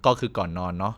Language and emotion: Thai, neutral